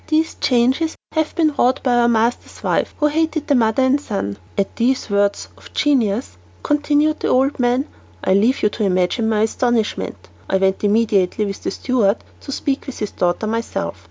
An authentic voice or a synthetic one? authentic